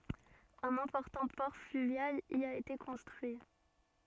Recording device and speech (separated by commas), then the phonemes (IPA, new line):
soft in-ear microphone, read sentence
œ̃n ɛ̃pɔʁtɑ̃ pɔʁ flyvjal i a ete kɔ̃stʁyi